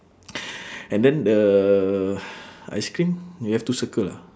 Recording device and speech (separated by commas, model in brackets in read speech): standing microphone, conversation in separate rooms